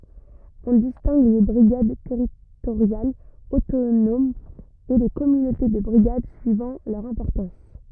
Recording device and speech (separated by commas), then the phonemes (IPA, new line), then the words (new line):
rigid in-ear microphone, read sentence
ɔ̃ distɛ̃ɡ le bʁiɡad tɛʁitoʁjalz otonomz e le kɔmynote də bʁiɡad syivɑ̃ lœʁ ɛ̃pɔʁtɑ̃s
On distingue les brigades territoriales autonomes et les communautés de brigades suivant leur importance.